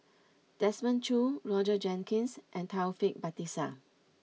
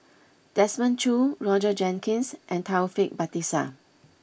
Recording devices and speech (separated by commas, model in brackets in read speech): mobile phone (iPhone 6), boundary microphone (BM630), read sentence